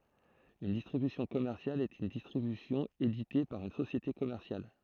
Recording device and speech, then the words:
throat microphone, read sentence
Une distribution commerciale est une distribution éditée par une société commerciale.

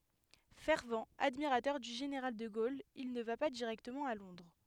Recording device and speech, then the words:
headset microphone, read sentence
Fervent admirateur du général de Gaulle, il ne va pas directement à Londres.

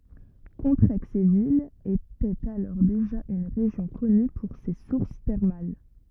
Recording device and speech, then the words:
rigid in-ear microphone, read sentence
Contrexéville était alors déjà une région connue pour ses sources thermales.

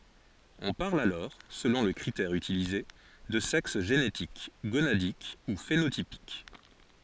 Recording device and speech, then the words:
forehead accelerometer, read sentence
On parle alors, selon le critère utilisé, de sexe génétique, gonadique ou phénotypique.

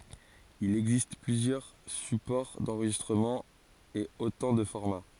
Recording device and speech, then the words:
forehead accelerometer, read sentence
Il existe plusieurs supports d'enregistrement et autant de formats.

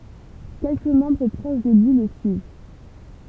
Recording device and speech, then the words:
temple vibration pickup, read sentence
Quelques membres proches de lui le suivent.

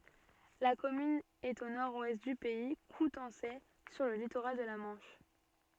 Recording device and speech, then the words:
soft in-ear microphone, read sentence
La commune est au nord-ouest du Pays coutançais, sur le littoral de la Manche.

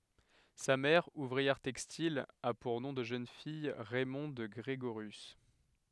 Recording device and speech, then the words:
headset microphone, read sentence
Sa mère, ouvrière textile, a pour nom de jeune fille Raymonde Grégorius.

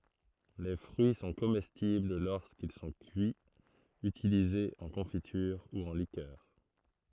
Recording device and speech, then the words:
throat microphone, read sentence
Les fruits sont comestibles lorsqu'ils sont cuits, utilisés en confiture ou en liqueur.

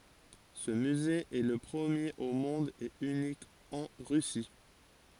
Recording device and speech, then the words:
forehead accelerometer, read sentence
Ce musée est le premier au monde et unique en Russie.

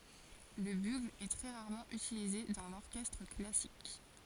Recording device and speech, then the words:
forehead accelerometer, read sentence
Le bugle est très rarement utilisé dans l'orchestre classique.

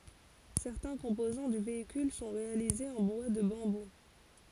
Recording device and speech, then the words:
forehead accelerometer, read sentence
Certains composants du véhicule sont réalisés en bois de bambou.

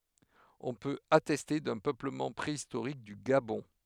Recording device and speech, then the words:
headset microphone, read sentence
On peut attester d'un peuplement préhistorique du Gabon.

